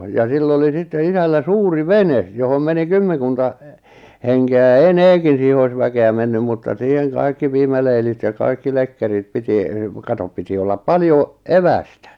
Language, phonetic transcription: Finnish, ja 'sill ‿oli sitte 'isällä "suuri "venes , johom 'meni "kymmeᵑkunta , 'henke₍ä ja "eneekin̬ siihe ois 'väke₍ä mennym mutta 'siiheŋ 'kaikki 'piimäleilit ja 'kaikki 'lekkerit piti , 'katop piti ollap "paljo , "evästä .
- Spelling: ja sillä oli sitten isällä suuri vene johon meni kymmenkunta henkeä ja enemmänkin siihen olisi väkeä mennyt mutta siihen kaikki piimäleilit ja kaikki lekkerit piti katso piti olla paljon evästä

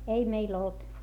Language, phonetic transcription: Finnish, ei meil ‿olt .
- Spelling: ei meillä ollut

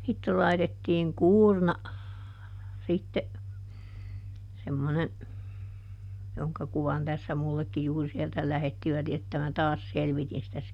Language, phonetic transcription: Finnish, sitte laitettiiŋ "kuurna , sitte , semmone , ˈjoŋka ˈkuvan tässä ˈmullekki juur(i) sieltä ˈlähettivät että mä "taas ˈselvitin sitä si- ,.
- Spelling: sitten laitettiin kuurna sitten semmoinen jonka kuvan tässä minullekin juuri sieltä lähettivät että minä taas selvitin sitä -

